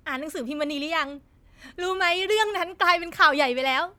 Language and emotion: Thai, happy